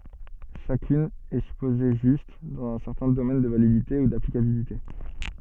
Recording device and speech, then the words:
soft in-ear microphone, read sentence
Chacune est supposée juste, dans un certain domaine de validité ou d'applicabilité.

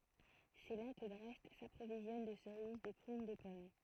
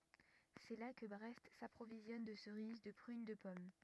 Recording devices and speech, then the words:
throat microphone, rigid in-ear microphone, read sentence
C'est là que Brest s'approvisionne de cerises, de prunes, de pommes.

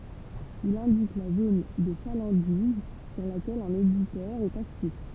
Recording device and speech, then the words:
temple vibration pickup, read sentence
Il indique la zone de chalandise sur laquelle un éditeur est actif.

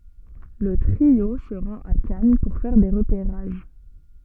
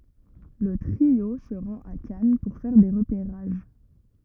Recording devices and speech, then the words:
soft in-ear microphone, rigid in-ear microphone, read sentence
Le trio se rend à Cannes pour faire des repérages.

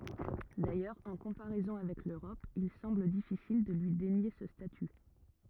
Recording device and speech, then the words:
rigid in-ear microphone, read sentence
D'ailleurs, en comparaison avec l'Europe, il semble difficile de lui dénier ce statut.

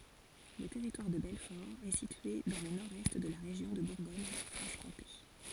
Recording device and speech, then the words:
forehead accelerometer, read sentence
Le Territoire de Belfort est situé dans le nord-est de la région de Bourgogne-Franche-Comté.

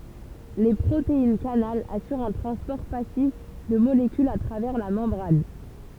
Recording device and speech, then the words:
temple vibration pickup, read sentence
Les protéines-canal assurent un transport passif de molécules à travers la membrane.

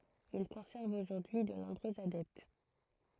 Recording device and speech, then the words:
throat microphone, read sentence
Il conserve aujourd'hui de nombreux adeptes.

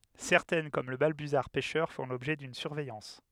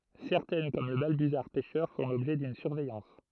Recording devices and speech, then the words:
headset microphone, throat microphone, read sentence
Certaines comme le balbuzard pêcheur font l’objet d’une surveillance.

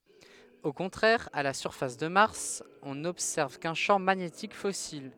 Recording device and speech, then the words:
headset microphone, read sentence
Au contraire, à la surface de Mars, on n'observe qu'un champ magnétique fossile.

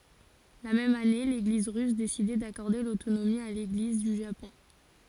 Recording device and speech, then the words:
forehead accelerometer, read sentence
La même année, l'Église russe décidait d'accorder l'autonomie à l'Église du Japon.

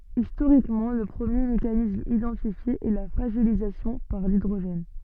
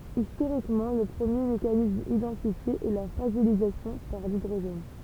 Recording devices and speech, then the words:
soft in-ear microphone, temple vibration pickup, read sentence
Historiquement, le premier mécanisme identifié est la fragilisation par l'hydrogène.

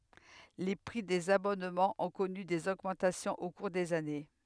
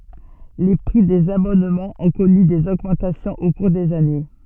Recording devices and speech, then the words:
headset microphone, soft in-ear microphone, read sentence
Les prix des abonnements ont connu des augmentations au cours des années.

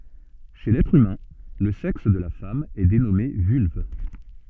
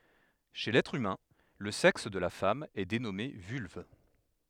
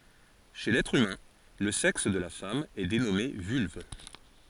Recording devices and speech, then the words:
soft in-ear microphone, headset microphone, forehead accelerometer, read sentence
Chez l'être humain, le sexe de la femme est dénommé vulve.

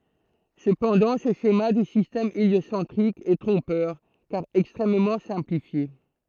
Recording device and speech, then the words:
throat microphone, read sentence
Cependant, ce schéma du système héliocentrique est trompeur, car extrêmement simplifié.

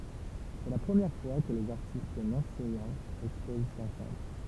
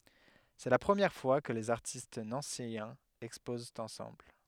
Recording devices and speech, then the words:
temple vibration pickup, headset microphone, read sentence
C'est la première fois que les artistes nancéiens exposent ensemble.

